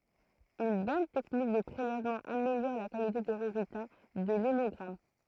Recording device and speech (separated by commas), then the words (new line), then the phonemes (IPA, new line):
throat microphone, read sentence
Une bonne technique de prélèvement améliore la qualité des résultats de l’hémogramme.
yn bɔn tɛknik də pʁelɛvmɑ̃ ameljɔʁ la kalite de ʁezylta də lemɔɡʁam